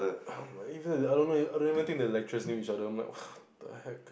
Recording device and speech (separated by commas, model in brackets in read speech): boundary microphone, conversation in the same room